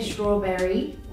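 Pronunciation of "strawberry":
'Strawberry' is said with its full 'berry' ending, as three syllables, and not shortened to the two syllables that are usually said.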